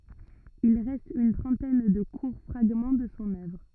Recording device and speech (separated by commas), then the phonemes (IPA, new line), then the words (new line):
rigid in-ear microphone, read sentence
il ʁɛst yn tʁɑ̃tɛn də kuʁ fʁaɡmɑ̃ də sɔ̃ œvʁ
Il reste une trentaine de courts fragments de son œuvre.